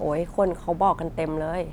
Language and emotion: Thai, frustrated